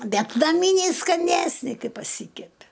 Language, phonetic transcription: Lithuanian, ˈbet naˈmyniai skaˈnesni ˈkai paˈsykepi

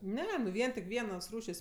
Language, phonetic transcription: Lithuanian, ˈne nu ˈvien tik ˈvienos ˈrūšės'

